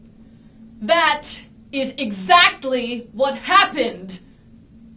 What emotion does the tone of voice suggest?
angry